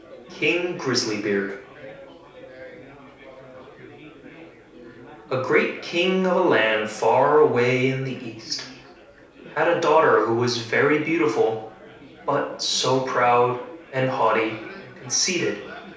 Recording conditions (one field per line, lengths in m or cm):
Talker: one person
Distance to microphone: 3.0 m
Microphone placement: far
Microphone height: 1.8 m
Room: small (3.7 m by 2.7 m)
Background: babble